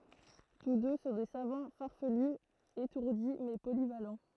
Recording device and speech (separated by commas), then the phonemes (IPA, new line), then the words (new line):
throat microphone, read sentence
tus dø sɔ̃ de savɑ̃ faʁfəly etuʁdi mɛ polival
Tous deux sont des savants farfelus, étourdis mais polyvalents.